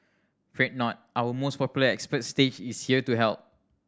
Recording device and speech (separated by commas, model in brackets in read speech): standing microphone (AKG C214), read sentence